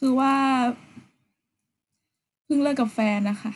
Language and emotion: Thai, sad